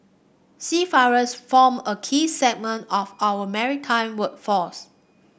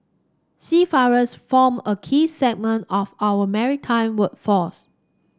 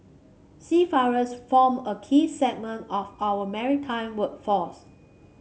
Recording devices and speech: boundary microphone (BM630), standing microphone (AKG C214), mobile phone (Samsung C5), read sentence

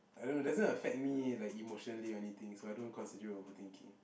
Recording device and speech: boundary microphone, conversation in the same room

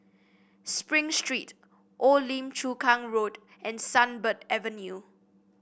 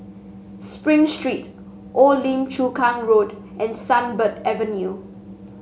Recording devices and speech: boundary microphone (BM630), mobile phone (Samsung S8), read sentence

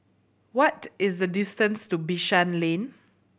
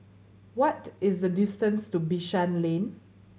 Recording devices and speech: boundary microphone (BM630), mobile phone (Samsung C7100), read sentence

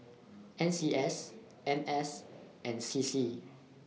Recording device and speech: mobile phone (iPhone 6), read sentence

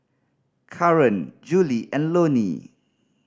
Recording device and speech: standing microphone (AKG C214), read sentence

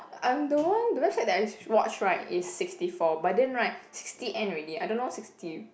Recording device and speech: boundary microphone, conversation in the same room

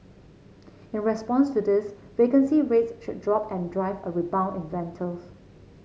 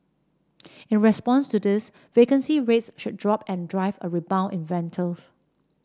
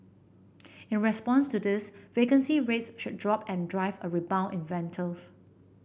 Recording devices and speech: mobile phone (Samsung C7), standing microphone (AKG C214), boundary microphone (BM630), read sentence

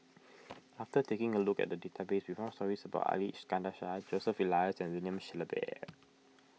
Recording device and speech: mobile phone (iPhone 6), read sentence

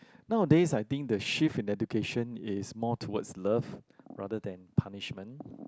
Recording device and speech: close-talking microphone, conversation in the same room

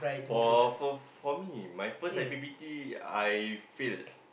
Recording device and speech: boundary microphone, conversation in the same room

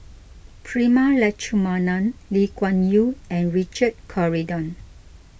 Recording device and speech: boundary microphone (BM630), read sentence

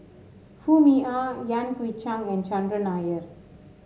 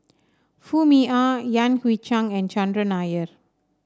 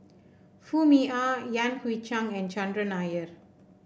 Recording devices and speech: mobile phone (Samsung S8), standing microphone (AKG C214), boundary microphone (BM630), read sentence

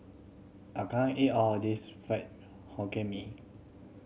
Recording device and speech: mobile phone (Samsung C7100), read sentence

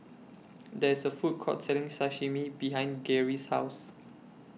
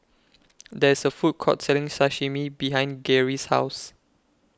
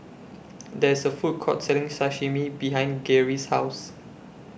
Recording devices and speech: mobile phone (iPhone 6), close-talking microphone (WH20), boundary microphone (BM630), read sentence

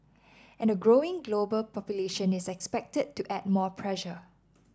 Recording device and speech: standing microphone (AKG C214), read sentence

